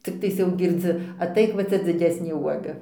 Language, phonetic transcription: Lithuanian, cikˈtais jau girˈdzi aˈtaik va ˈcia dziˈdesnė ˈuoga

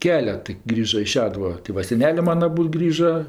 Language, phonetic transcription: Lithuanian, ˈkelet tai ˈgrįža i ˈšeduva tė ˈva seˈnelė ˈmana aˈbūd ˈgrįža

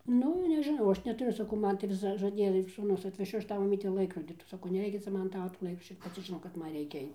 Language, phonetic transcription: Lithuanian, ˈnu nežiˈnau ˈaš netuˈriu saˈkau ˈman tai ˈvis žaˈdėja ir sūˈnus atveˈšiu ˈaš ˈtau maˈmyte ˈlaikrodi saˈkau neˈreikia ˈcia ˈman ˈtavo to ˈlaik ˈaš ir paˈci žiˈnau kad ˈman ˈreikia ˈaic

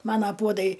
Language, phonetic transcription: Lithuanian, ˈmana ˈpuodai

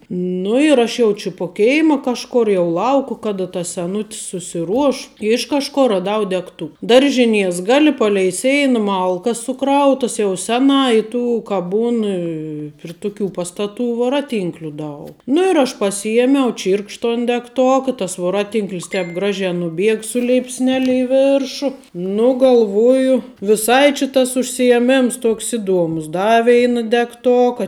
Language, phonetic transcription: Lithuanian, ˈnu ir ˈaš jau či po ˈkėima ˈkažkor jau ˈlauku ˈkada tas seˈnut's susiˈruoš ˈiš kažˌkor raˈdau degˈtu ˈdaržiˌnies ˈgali ˈpalei ˈseina ˈmalkas suˈkrautas jau ˈseˌnā i ˈtų ka ˈbūn i pri ˈtuˌkių ˈpastaˌtų voˈraˌtynkliu ˈdaug nu ir aš paˈsyjemiau ˈčyrkš ton degˈtok i ˈtas voˈraˌtynklis ˈtēp ˈgražē nuˈbieg su leipsˈnele i ˈvėršu ˈnu galˈvoju viˈsai či tas užsijeˈmims toks ˈiˌdomus ˈda ˈveina degˈtoka

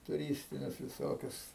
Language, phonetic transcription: Lithuanian, tuˈrystinius viˈsokius

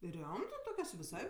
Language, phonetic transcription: Lithuanian, ˈriomtɜ ˈtokios viˈsai

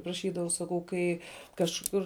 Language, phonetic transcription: Lithuanian, praˈšydavau saˈkau ˈkai kažˈkur

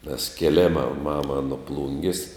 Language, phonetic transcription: Lithuanian, nes kėˈlėma ˈmama nu ˈplungis

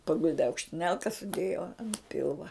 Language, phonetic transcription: Lithuanian, paˈguldi aukštiˈnelka suˈdėjo an ˈpilva

